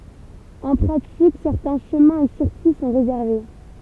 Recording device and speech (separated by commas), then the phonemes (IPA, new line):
temple vibration pickup, read sentence
ɑ̃ pʁatik sɛʁtɛ̃ ʃəmɛ̃ e siʁkyi sɔ̃ ʁezɛʁve